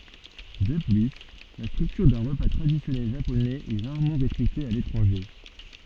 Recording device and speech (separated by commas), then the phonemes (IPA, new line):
soft in-ear microphone, read sentence
də ply la stʁyktyʁ dœ̃ ʁəpa tʁadisjɔnɛl ʒaponɛz ɛ ʁaʁmɑ̃ ʁɛspɛkte a letʁɑ̃ʒe